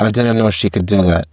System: VC, spectral filtering